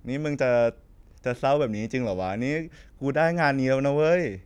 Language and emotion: Thai, happy